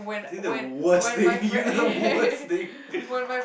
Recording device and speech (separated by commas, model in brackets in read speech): boundary microphone, conversation in the same room